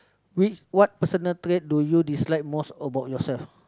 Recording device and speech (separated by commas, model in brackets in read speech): close-talking microphone, conversation in the same room